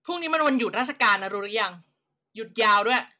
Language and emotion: Thai, angry